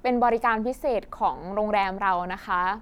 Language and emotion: Thai, neutral